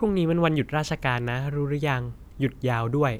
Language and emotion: Thai, neutral